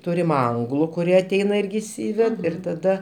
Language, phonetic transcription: Lithuanian, ˈtūrim ˈanglu kuˈrie aˈteina ˈirgi išˈsyved ir taˈda

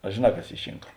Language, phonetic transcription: Lithuanian, a žėˈna kas ˈy ˈšinka

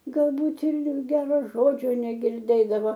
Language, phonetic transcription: Lithuanian, galˈbūt ir ˈgero ˈžodžio negirˈdėdavo

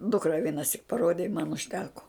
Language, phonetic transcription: Lithuanian, ˈdukra vienaˈsik paˈrodė i man užˈteko

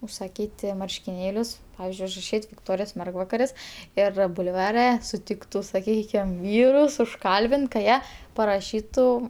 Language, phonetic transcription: Lithuanian, usaˈkyti marškiˈnėlius ˈpavizdžiui užraˈšyt' vikˈtorijos ˈmergvakaris ˈir bulˈvare suˈtiktu saˈkykim ˈvyrus užˈkalbint ka ˈjie paraˈšytu

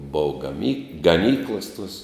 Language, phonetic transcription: Lithuanian, ˈbov gaˈmy gaˈnyklas tuos

